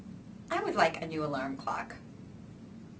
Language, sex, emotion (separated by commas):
English, female, neutral